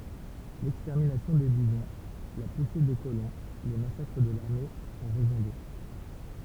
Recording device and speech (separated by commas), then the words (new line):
temple vibration pickup, read sentence
L'extermination des bisons, la poussée des colons, les massacres de l'armée ont raison d'eux.